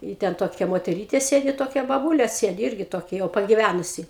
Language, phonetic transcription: Lithuanian, i ˈten ˈtokia moteˈrytė ˈsėdi ˈtokia baˈbūlė ˈsėdi ˈirgi ˈtokia jau pagiˈvænusi

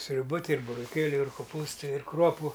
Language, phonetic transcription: Lithuanian, sriuˈba ˈtai ir buroˈkėliu ir koˈpūstai ir ˈkruopu

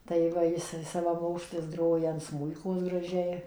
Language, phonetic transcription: Lithuanian, tai ˈva ˈjis savaˈmokslis ˈgroja an ˈsmūikos graˈžiai

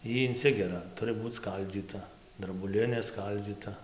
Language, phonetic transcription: Lithuanian, ˈy inˈsigera ˈturɨ ˈbūc ˈskaldzyta drabuˈlinė ˈskaldzyta

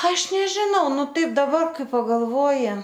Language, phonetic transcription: Lithuanian, ˈaš nežiˈnau ˈnu ˈtaip daˈbar ˈkai pagalˈvoji

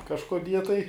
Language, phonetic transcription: Lithuanian, kažkoˈdie tai

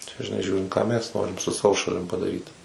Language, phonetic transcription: Lithuanian, čia žiˈnai ˈžiūrint ką ˈmes ˈnorim su ˈsavo šaˈlim padaˈryt

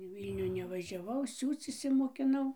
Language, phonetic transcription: Lithuanian, i ˈvylnių nevažiaˈvau ˈsiūc išsimokiˈnau

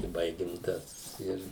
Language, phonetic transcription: Lithuanian, i ˈbaigim ˈtas ˈir

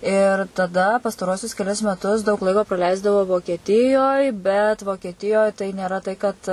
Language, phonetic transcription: Lithuanian, ir taˈda pastaˈruosius keˈlis meˈtus daug ˈlaiko praˈleisdavau vokieˈtijoj bet vokieˈtijoj tai nėˈra tai kad

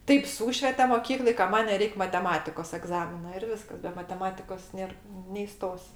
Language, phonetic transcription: Lithuanian, ˈtaip ˈsūšvete moˈkykloj ka ˈman' neˈreik' mateˈmatikos egˈzamina ir ˈviskas be mateˈmatikos ˈnėr neįˈstos'

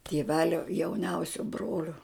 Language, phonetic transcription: Lithuanian, tėˈvelio jauˈniausio ˈbrolio

